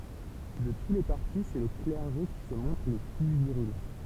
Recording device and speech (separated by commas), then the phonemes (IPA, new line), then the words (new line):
temple vibration pickup, read sentence
də tu le paʁti sɛ lə klɛʁʒe ki sə mɔ̃tʁ lə ply viʁylɑ̃
De tous les partis, c'est le clergé qui se montre le plus virulent.